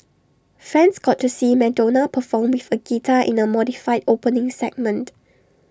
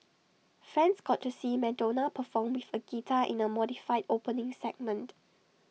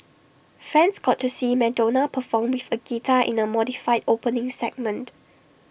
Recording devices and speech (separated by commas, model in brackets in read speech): standing microphone (AKG C214), mobile phone (iPhone 6), boundary microphone (BM630), read sentence